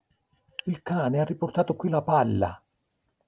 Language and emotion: Italian, surprised